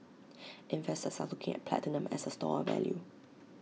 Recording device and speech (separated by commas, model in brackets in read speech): mobile phone (iPhone 6), read sentence